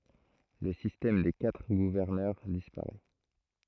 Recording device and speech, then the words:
throat microphone, read sentence
Le système des quatre gouverneurs disparaît.

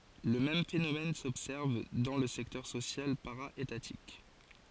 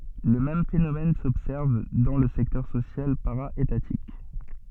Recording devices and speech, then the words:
forehead accelerometer, soft in-ear microphone, read sentence
Le même phénomène s’observe dans le secteur social para-étatique.

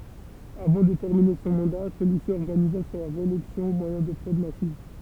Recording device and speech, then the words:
temple vibration pickup, read sentence
Avant de terminer son mandat, celui-ci organisa sa réélection au moyen de fraudes massives.

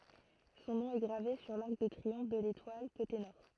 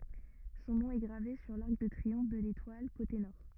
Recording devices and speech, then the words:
throat microphone, rigid in-ear microphone, read sentence
Son nom est gravé sur l'arc de triomphe de l'Étoile, côté Nord.

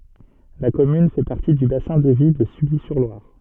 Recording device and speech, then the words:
soft in-ear microphone, read sentence
La commune fait partie du bassin de vie de Sully-sur-Loire.

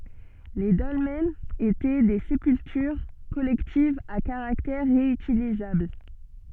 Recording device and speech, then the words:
soft in-ear microphone, read sentence
Les dolmens étaient des sépultures collectives à caractère réutilisable.

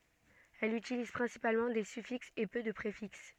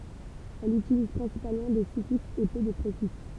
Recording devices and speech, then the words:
soft in-ear microphone, temple vibration pickup, read sentence
Elle utilise principalement des suffixes et peu de préfixes.

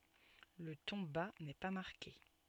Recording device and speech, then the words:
soft in-ear microphone, read sentence
Le ton bas n’est pas marqué.

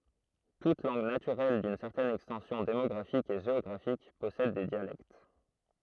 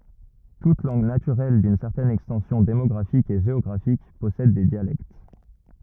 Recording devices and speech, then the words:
throat microphone, rigid in-ear microphone, read sentence
Toute langue naturelle d'une certaine extension démographique et géographique possède des dialectes.

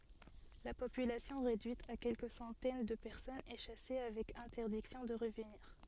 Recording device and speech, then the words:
soft in-ear microphone, read sentence
La population réduite à quelques centaines de personnes est chassée avec interdiction de revenir.

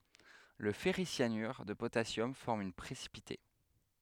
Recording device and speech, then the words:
headset microphone, read sentence
Le ferricyanure de potassium forme un précipité.

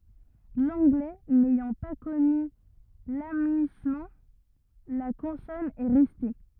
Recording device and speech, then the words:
rigid in-ear microphone, read sentence
L'anglais n'ayant pas connu l'amuïssement, la consonne est restée.

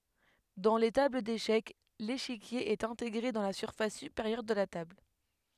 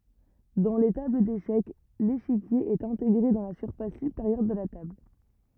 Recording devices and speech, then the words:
headset microphone, rigid in-ear microphone, read sentence
Dans les tables d'échecs, l'échiquier est intégré dans la surface supérieure de la table.

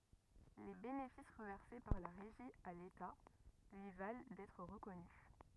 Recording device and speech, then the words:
rigid in-ear microphone, read sentence
Les bénéfices reversés par la Régie à l’État lui valent d’être reconnu.

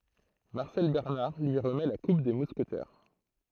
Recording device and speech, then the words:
throat microphone, read sentence
Marcel Bernard lui remet la coupe des Mousquetaires.

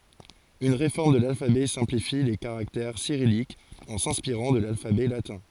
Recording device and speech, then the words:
forehead accelerometer, read sentence
Une réforme de l’alphabet simplifie les caractères cyrilliques, en s'inspirant de l'alphabet latin.

